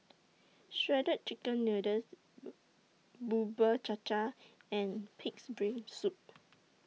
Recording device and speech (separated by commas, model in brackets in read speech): mobile phone (iPhone 6), read sentence